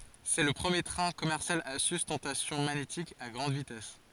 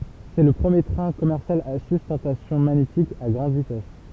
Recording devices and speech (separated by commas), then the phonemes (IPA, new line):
forehead accelerometer, temple vibration pickup, read sentence
sɛ lə pʁəmje tʁɛ̃ kɔmɛʁsjal a systɑ̃tasjɔ̃ maɲetik a ɡʁɑ̃d vitɛs